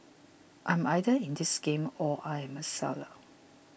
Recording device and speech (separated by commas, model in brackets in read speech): boundary microphone (BM630), read sentence